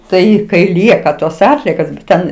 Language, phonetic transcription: Lithuanian, ˈtai kai ˈlieka tos ˈatliekos bet ˈten

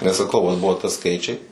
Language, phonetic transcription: Lithuanian, nes saˈkau vat ˈbuvo ta ˈskaičiai

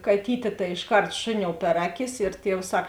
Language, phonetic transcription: Lithuanian, kaˈtytė tai išˈkart ˈšuˌniou per ˈaˌkis ir ˈtievs ˈsak

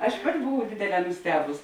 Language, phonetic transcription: Lithuanian, ˈaš ˈpati buˈvau ˈdėdėˌlē nuˈstebus

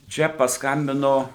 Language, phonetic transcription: Lithuanian, ˈčia pasˈkambino

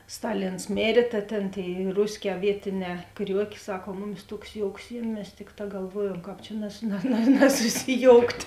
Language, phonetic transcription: Lithuanian, ˈstaˌlins ˈmėrė ta ˈtėn ˈtėi ˈrusˌkē ˈvietiˌnē ˈkriuokė ˈsak o ˈmuˌmis ˈtuoks ˈjouks ˈjiem' mes ˈtikˌtā galˈvuojuom ˈkāp čia nas na na nasusiˈjoukt'

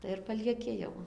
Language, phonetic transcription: Lithuanian, tai ir palieˈki jau

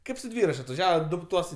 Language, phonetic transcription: Lithuanian, ˈkaip su ˈdvyrač' atvaˈžiava ˈdu ˈtuos

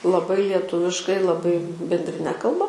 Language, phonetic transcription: Lithuanian, laˈbai lieˈtuviškai laˈbai bendriˈne kalˈba

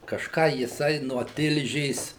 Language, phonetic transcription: Lithuanian, kažˈką jiˈsai nuo ˈtilžės

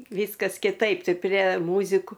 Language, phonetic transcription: Lithuanian, ˈvyskas kiˈtaip ˈtai prie ˈmūziku

